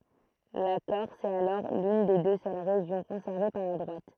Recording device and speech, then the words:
throat microphone, read sentence
La Corse est alors l'une des deux seules régions conservées par la droite.

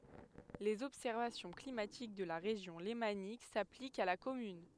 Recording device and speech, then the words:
headset microphone, read sentence
Les observations climatiques de la Région lémanique s'appliquent à la commune.

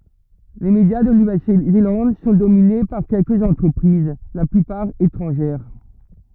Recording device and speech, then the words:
rigid in-ear microphone, read sentence
Les médias de Nouvelle-Zélande sont dominés par quelques entreprises, la plupart étrangères.

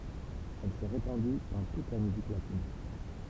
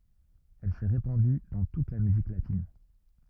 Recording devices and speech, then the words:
temple vibration pickup, rigid in-ear microphone, read sentence
Elle s'est répandue dans toute la musique latine.

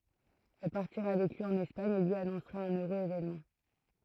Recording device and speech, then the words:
throat microphone, read sentence
Elle partira avec lui en Espagne et lui annoncera un heureux événement.

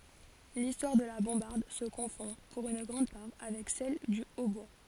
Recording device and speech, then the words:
forehead accelerometer, read sentence
L'histoire de la bombarde se confond, pour une grande part, avec celle du hautbois.

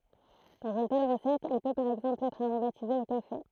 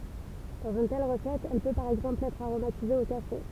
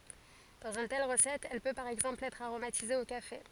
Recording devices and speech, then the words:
throat microphone, temple vibration pickup, forehead accelerometer, read sentence
Dans une telle recette, elle peut par exemple être aromatisée au café.

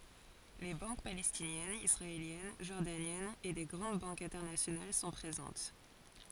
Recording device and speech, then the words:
forehead accelerometer, read sentence
Les banques palestiniennes, israéliennes, jordaniennes et des grandes banques internationales sont présentes.

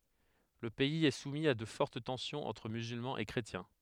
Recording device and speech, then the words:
headset microphone, read sentence
Le pays est soumis à de fortes tensions entre musulmans et chrétiens.

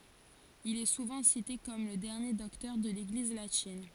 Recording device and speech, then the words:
forehead accelerometer, read sentence
Il est souvent cité comme le dernier docteur de l'Église latine.

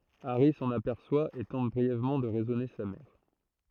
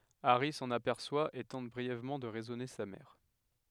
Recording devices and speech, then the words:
throat microphone, headset microphone, read sentence
Harry s'en aperçoit et tente brièvement de raisonner sa mère.

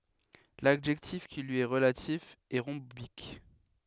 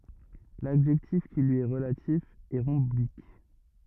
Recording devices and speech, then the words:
headset microphone, rigid in-ear microphone, read sentence
L'adjectif qui lui est relatif est rhombique.

